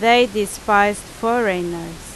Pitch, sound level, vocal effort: 205 Hz, 90 dB SPL, very loud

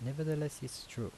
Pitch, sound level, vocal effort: 130 Hz, 78 dB SPL, soft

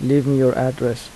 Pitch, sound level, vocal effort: 130 Hz, 80 dB SPL, soft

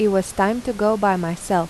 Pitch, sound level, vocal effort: 195 Hz, 86 dB SPL, normal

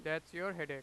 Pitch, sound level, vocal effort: 160 Hz, 96 dB SPL, very loud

